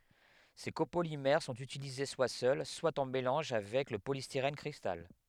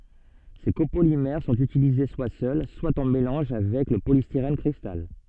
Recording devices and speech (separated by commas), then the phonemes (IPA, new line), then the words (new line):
headset microphone, soft in-ear microphone, read sentence
se kopolimɛʁ sɔ̃t ytilize swa sœl swa ɑ̃ melɑ̃ʒ avɛk lə polistiʁɛn kʁistal
Ces copolymères sont utilisés soit seuls, soit en mélange avec le polystyrène cristal.